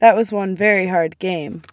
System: none